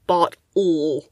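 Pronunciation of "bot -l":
In 'bottle', the second syllable is just an L sound.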